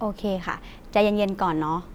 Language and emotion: Thai, neutral